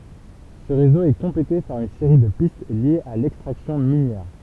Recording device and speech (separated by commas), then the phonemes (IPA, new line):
temple vibration pickup, read sentence
sə ʁezo ɛ kɔ̃plete paʁ yn seʁi də pist ljez a lɛkstʁaksjɔ̃ minjɛʁ